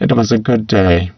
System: VC, spectral filtering